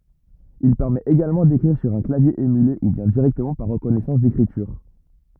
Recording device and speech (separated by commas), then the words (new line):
rigid in-ear microphone, read sentence
Il permet également d'écrire sur un clavier émulé ou bien directement par reconnaissance d'écriture.